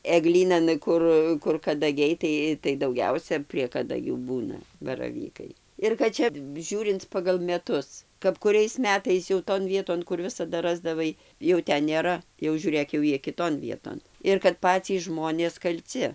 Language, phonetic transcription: Lithuanian, eˈglynan ˈkur kur kadaˈgiai ˈtai tai dauˈgiausia prie kadaˈgių ˈbūna baraˈvykai ir kad ˈčia ˈžiūrinc pagal meˈtus kap kuˈriais ˈmetais jau ton ˈvieton kur ˈvisada ˈrasdavai jau ˈten nėˈra jau žiūˈrėk jau ˈjie kiˈton ˈvieton ir kad ˈpacys ˈžmonės kalˈci

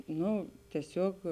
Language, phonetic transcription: Lithuanian, ˈno tieˈsiog

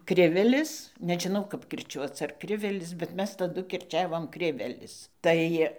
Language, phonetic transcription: Lithuanian, ˈkrivelis nežiˈnau kap kirˈčiuoc ar ˈkrivelis bet ˈmes taˈdu kirˈčiavom ˈkrivelis ˈtai

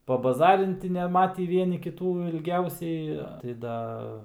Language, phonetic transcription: Lithuanian, pabaˈzarinti neˈmatį ˈvieni kiˈtų ilˈgiausiai tai ˈda

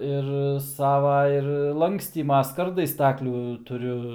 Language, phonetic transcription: Lithuanian, ir ˈsava ir ˈlankstyma ˈskardai ˈstaklių tuˈriu

